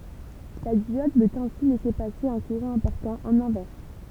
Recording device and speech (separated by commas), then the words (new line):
temple vibration pickup, read sentence
La diode peut ainsi laisser passer un courant important en inverse.